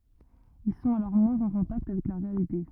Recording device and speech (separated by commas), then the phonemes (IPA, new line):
rigid in-ear microphone, read sentence
il sɔ̃t alɔʁ mwɛ̃z ɑ̃ kɔ̃takt avɛk la ʁealite